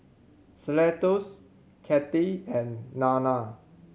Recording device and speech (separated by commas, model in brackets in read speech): mobile phone (Samsung C7100), read sentence